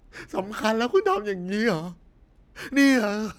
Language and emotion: Thai, sad